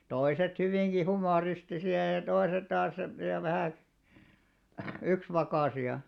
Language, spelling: Finnish, toiset hyvinkin humoristisia ja toiset taas ja vähän yksivakaisia
- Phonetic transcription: toiset hyvìŋɢi 'humòristisi₍a ja 'toiset taas , ja vähä̀ , 'yksvakàsi₍a .

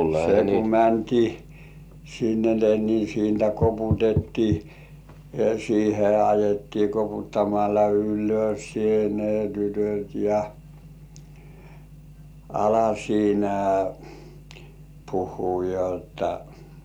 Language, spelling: Finnish, se kun mentiin sinne ne niin siitä koputettiin siihen ajettiin koputtamalla ylös se ne tytöt ja ala siinä puhua jotta
- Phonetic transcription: se ku 'mäntii , sinne ne ni 'siintä "koputettii , siihe ajettii 'koputtamalla "ylos se ne tytöt̜ ja , "ala siinä 'puhhuu 'jotta .

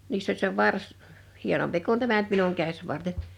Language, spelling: Finnish, niissä oli se varsi hienompi kuin tämä nyt minun käsivarteni
- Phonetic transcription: 'niiss ‿oĺ se 'vars , 'hienompi kun 'tämä nʸt minuŋ 'käś'varten ,.

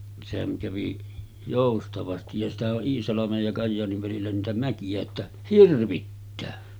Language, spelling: Finnish, sehän kävi joustavasti ja sitähän on Iisalmen ja Kajaanin välillä niitä mäkiä että hirvittää
- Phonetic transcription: sehäŋ kävi 'jòustavastij ja sitähä’ ’o’ '’Iisalamej ja 'Kajjaaniv välillä niitä mäkijä että "hirvittää .

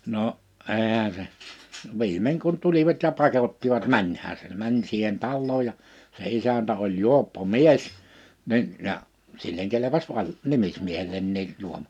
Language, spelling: Finnish, no eihän se viimein kun tulivat ja pakottivat menemään se meni siihen taloon ja se isäntä oli juoppo mies niin ja sille kelpasi - nimismiehellekin -
- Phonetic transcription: no’ , '’èihä se , 'vi̬imeŋ kun 'tulivat ja 'pakottivat "mäńhää se 'mäń siihen 'tallooj ja , se 'isäntä oĺ "juoppo "mies , nin , ja , silleŋ kelepas 'vai- , 'nimismiehel̆lenniin , 'juom- .

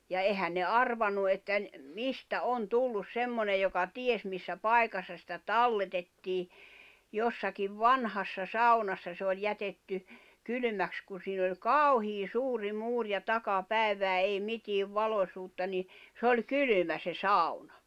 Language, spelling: Finnish, ja eihän ne arvannut että - mistä on tullut semmoinen joka ties missä paikassa sitä talletettiin jossakin vanhassa saunassa se oli jätetty kylmäksi kun siinä oli kauhea suuri muuri ja takapäivää ei mitään valoisuutta niin se oli kylmä se sauna
- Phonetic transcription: ja 'ehän ne "arvannu että ‿n- , "mistä "on "tullus "semmonej joka "ties missä "pai̬kassa sitä "talletettii , 'jossakiv "vanhassa 'saunassa se oĺ 'jätetty , 'kylʸmäks ku siin ‿oĺ "kàuhii "suuri 'muur ja "taka"pä̀evää 'ei 'mitiiv 'valośuutta ni , s ‿oĺ 'kylymä se "sàuɴᴀ .

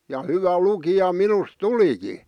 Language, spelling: Finnish, ja hyvä lukija minusta tulikin
- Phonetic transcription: ja 'hyvä 'lukija "minus "tuliki .

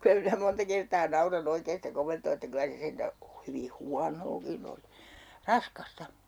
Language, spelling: Finnish, kyllä minä monta kertaa nauran oikein sitä komentoa että kyllä se sentään hyvin huonoakin oli raskasta
- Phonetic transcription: 'kylä minä 'monta 'kertaa "naura'n ‿oikeen̬ sitä 'komentoo että 'kylä se 'sentä , 'hyvi "huanookin ‿oli , "raskasta .

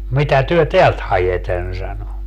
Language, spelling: Finnish, mitä te täältä haette sanoi
- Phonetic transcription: 'mitä työ "teält 'hajeten » sano .

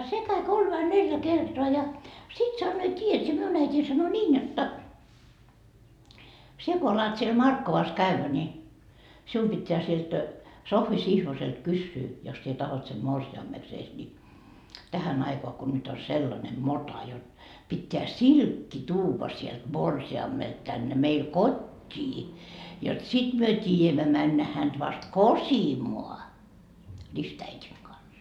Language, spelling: Finnish, se kävi kolme vai neljä kertaa ja sitten sanoo tiedät sinä minun äitini sanoi niin jotta sinä kun alat siellä Markkovassa käydä niin sinun pitää sieltä Sohvi Sihvoselta kysyä jos sinä tahdot sen morsiameksesi niin tähän aikaan kun nyt on sellainen mota jotta pitää silkki tuoda sieltä morsiamelta tänne meille kotiin jotta sitten me tiedämme mennä häntä vasta kosimaan ristiäidin kanssa
- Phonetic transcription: 'se käi 'kolm vai 'neljä kertoa ja , 'sit sannoo » 'tiijät sie , "miun 'äitii sano 'niin jotta , 'sie ko alat siel "Markkovas 'kävvä ni , 'sium pitteä sielt , 'Sohvi "Sihvoselt 'kyssyy , jos sie tahot sem "morsi₍ammeksees ni , 'tähän ‿aikoa ko nyt o "sellane "mota jot , pitteä "silkki tuuva sielt "morsi₍ammelt tänne meil "kot́t́ii , jot 'sit myö 'tiijämmä männä hänD vast "kosimoa , 'ristäitiŋ kans » .

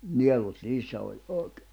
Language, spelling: Finnish, nielut niissä oli oikein
- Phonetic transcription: 'nielut "niissä oĺ , òi̬kᴇ .

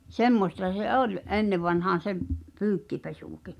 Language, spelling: Finnish, semmoista se oli ennen vanhaan se pyykinpesukin
- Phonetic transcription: 'semmosta se "’ol , '’ennev̆vanhaan̬ se , "pyykkipesùki .

